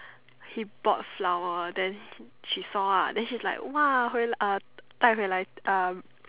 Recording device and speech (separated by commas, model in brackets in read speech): telephone, conversation in separate rooms